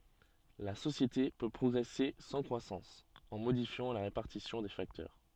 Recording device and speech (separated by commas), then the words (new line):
soft in-ear microphone, read sentence
La société peut progresser sans croissance, en modifiant la répartition des facteurs.